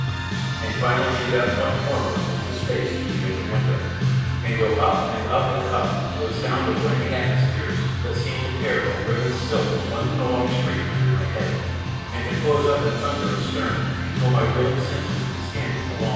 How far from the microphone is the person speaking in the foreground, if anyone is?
7.1 m.